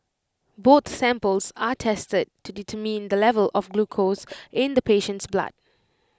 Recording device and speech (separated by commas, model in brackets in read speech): close-talking microphone (WH20), read sentence